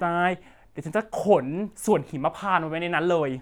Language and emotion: Thai, frustrated